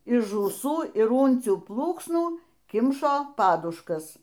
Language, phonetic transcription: Lithuanian, iš žųˈsų ir ˈūncių ˈplūksnų ˈkimšo ˈpaduškas

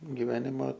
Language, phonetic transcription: Lithuanian, giˈvenima

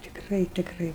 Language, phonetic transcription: Lithuanian, tikˈrai tikˈrai

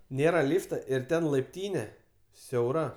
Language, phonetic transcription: Lithuanian, ˈnėra ˈlyfta ir ˈten laipˈtyne siauˈra

